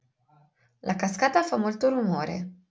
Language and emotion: Italian, neutral